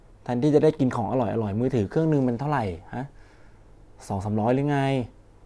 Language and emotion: Thai, frustrated